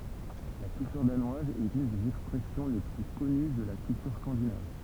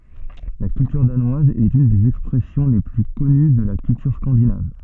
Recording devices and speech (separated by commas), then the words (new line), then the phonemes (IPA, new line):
temple vibration pickup, soft in-ear microphone, read sentence
La culture danoise est une des expressions les plus connues de la culture scandinave.
la kyltyʁ danwaz ɛt yn dez ɛkspʁɛsjɔ̃ le ply kɔny də la kyltyʁ skɑ̃dinav